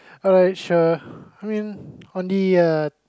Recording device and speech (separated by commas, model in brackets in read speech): close-talking microphone, conversation in the same room